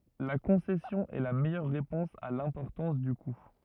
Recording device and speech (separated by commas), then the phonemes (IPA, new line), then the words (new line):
rigid in-ear microphone, read sentence
la kɔ̃sɛsjɔ̃ ɛ la mɛjœʁ ʁepɔ̃s a lɛ̃pɔʁtɑ̃s dy ku
La concession est la meilleure réponse à l'importance du coût.